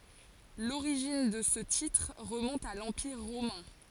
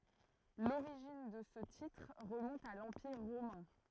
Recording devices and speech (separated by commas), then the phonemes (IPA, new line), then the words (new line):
forehead accelerometer, throat microphone, read sentence
loʁiʒin də sə titʁ ʁəmɔ̃t a lɑ̃piʁ ʁomɛ̃
L'origine de ce titre remonte à l'Empire romain.